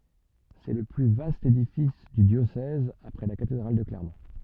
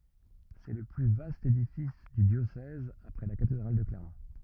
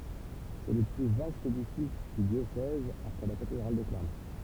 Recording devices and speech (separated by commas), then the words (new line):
soft in-ear microphone, rigid in-ear microphone, temple vibration pickup, read sentence
C'est le plus vaste édifice du diocèse après la cathédrale de Clermont.